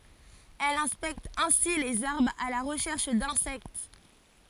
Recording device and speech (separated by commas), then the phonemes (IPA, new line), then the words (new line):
forehead accelerometer, read sentence
ɛl ɛ̃spɛkt ɛ̃si lez aʁbʁz a la ʁəʃɛʁʃ dɛ̃sɛkt
Elle inspecte ainsi les arbres à la recherche d'insectes.